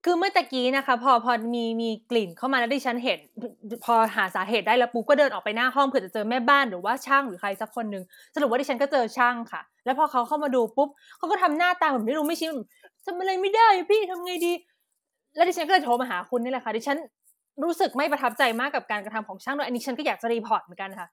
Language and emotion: Thai, frustrated